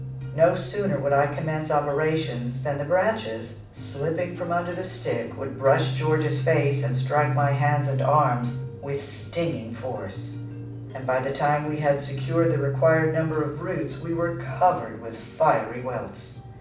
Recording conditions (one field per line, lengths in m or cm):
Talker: one person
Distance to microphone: 5.8 m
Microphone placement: far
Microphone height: 1.8 m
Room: medium-sized (5.7 m by 4.0 m)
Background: music